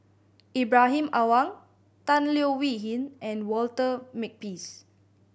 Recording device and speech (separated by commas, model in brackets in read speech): boundary microphone (BM630), read sentence